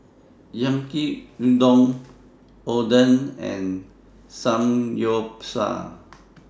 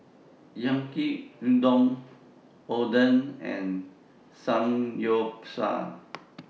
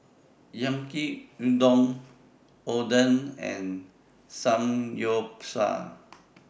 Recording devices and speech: standing microphone (AKG C214), mobile phone (iPhone 6), boundary microphone (BM630), read sentence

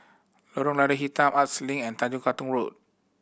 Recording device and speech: boundary microphone (BM630), read sentence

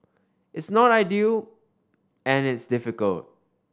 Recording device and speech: standing microphone (AKG C214), read sentence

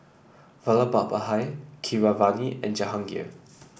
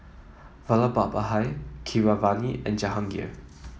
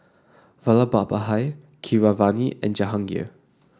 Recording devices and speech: boundary microphone (BM630), mobile phone (iPhone 7), standing microphone (AKG C214), read sentence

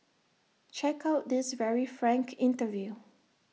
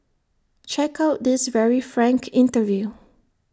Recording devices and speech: mobile phone (iPhone 6), standing microphone (AKG C214), read sentence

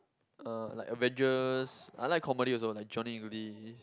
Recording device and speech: close-talking microphone, conversation in the same room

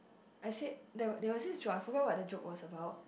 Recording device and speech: boundary microphone, conversation in the same room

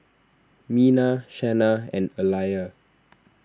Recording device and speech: standing microphone (AKG C214), read sentence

